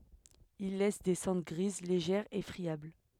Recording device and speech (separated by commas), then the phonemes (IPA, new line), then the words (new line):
headset microphone, read sentence
il lɛs de sɑ̃dʁ ɡʁiz leʒɛʁz e fʁiabl
Il laisse des cendres grises, légères et friables.